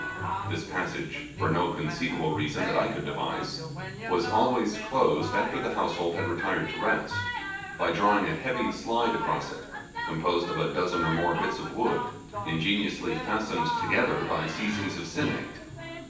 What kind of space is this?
A large room.